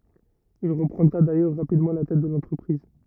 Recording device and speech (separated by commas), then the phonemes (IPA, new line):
rigid in-ear microphone, read sentence
il ʁəpʁɑ̃dʁa dajœʁ ʁapidmɑ̃ la tɛt də lɑ̃tʁəpʁiz